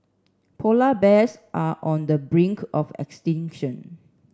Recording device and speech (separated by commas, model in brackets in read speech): standing microphone (AKG C214), read sentence